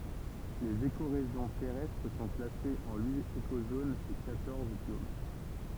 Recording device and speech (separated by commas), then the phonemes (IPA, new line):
temple vibration pickup, read sentence
lez ekoʁeʒjɔ̃ tɛʁɛstʁ sɔ̃ klasez ɑ̃ yit ekozonz e kwatɔʁz bjom